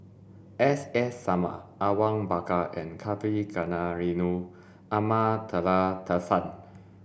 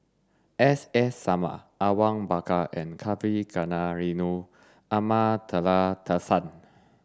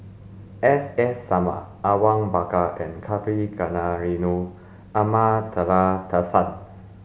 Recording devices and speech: boundary microphone (BM630), standing microphone (AKG C214), mobile phone (Samsung S8), read sentence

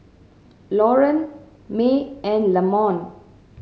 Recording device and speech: mobile phone (Samsung C7100), read sentence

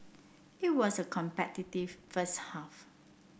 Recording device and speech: boundary microphone (BM630), read sentence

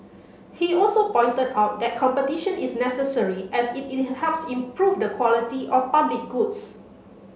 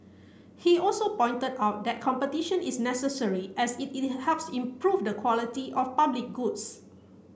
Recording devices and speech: mobile phone (Samsung C7), boundary microphone (BM630), read sentence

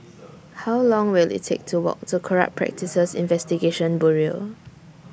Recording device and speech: boundary microphone (BM630), read sentence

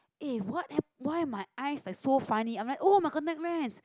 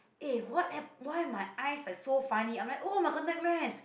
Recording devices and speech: close-talking microphone, boundary microphone, conversation in the same room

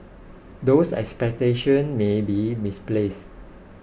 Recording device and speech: boundary microphone (BM630), read sentence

